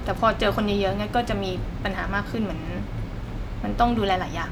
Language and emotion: Thai, neutral